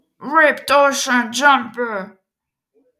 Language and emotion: English, sad